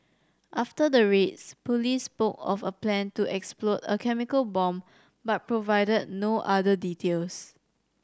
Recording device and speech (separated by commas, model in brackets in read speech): standing microphone (AKG C214), read sentence